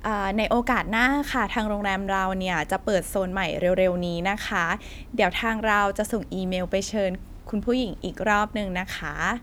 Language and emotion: Thai, happy